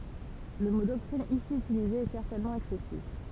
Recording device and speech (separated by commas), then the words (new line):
temple vibration pickup, read sentence
Le mot doctrine ici utilisé est certainement excessif.